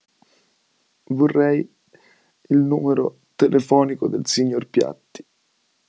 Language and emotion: Italian, sad